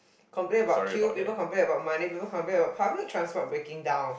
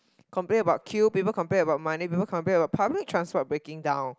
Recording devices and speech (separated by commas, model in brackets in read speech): boundary microphone, close-talking microphone, conversation in the same room